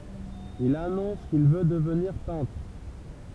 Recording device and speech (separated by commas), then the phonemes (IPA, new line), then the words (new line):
temple vibration pickup, read sentence
il anɔ̃s kil vø dəvniʁ pɛ̃tʁ
Il annonce qu'il veut devenir peintre.